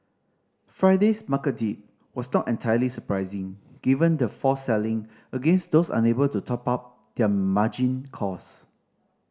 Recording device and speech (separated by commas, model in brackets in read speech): standing microphone (AKG C214), read sentence